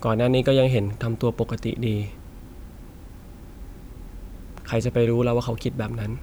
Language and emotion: Thai, sad